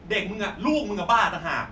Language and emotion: Thai, angry